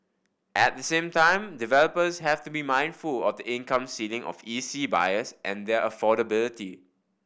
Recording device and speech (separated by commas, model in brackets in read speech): boundary microphone (BM630), read sentence